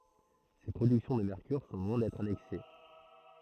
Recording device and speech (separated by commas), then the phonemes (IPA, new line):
throat microphone, read sentence
se pʁodyksjɔ̃ də mɛʁkyʁ sɔ̃ lwɛ̃ dɛtʁ anɛks